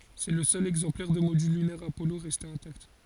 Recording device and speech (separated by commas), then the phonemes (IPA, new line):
forehead accelerometer, read sentence
sɛ lə sœl ɛɡzɑ̃plɛʁ də modyl lynɛʁ apɔlo ʁɛste ɛ̃takt